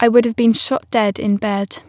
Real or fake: real